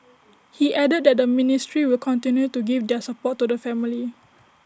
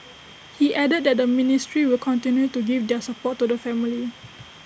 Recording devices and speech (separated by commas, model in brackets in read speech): standing microphone (AKG C214), boundary microphone (BM630), read sentence